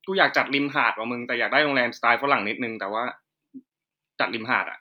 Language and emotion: Thai, neutral